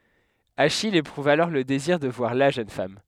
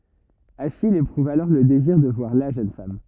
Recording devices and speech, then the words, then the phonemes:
headset microphone, rigid in-ear microphone, read sentence
Achille éprouve alors le désir de voir la jeune femme.
aʃij epʁuv alɔʁ lə deziʁ də vwaʁ la ʒøn fam

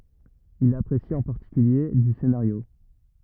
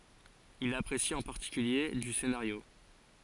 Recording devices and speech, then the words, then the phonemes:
rigid in-ear microphone, forehead accelerometer, read sentence
Il apprécie en particulier du scénario.
il apʁesi ɑ̃ paʁtikylje dy senaʁjo

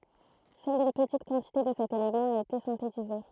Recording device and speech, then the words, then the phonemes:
throat microphone, read sentence
Seule une petite quantité de cet élément a été synthétisée.
sœl yn pətit kɑ̃tite də sɛt elemɑ̃ a ete sɛ̃tetize

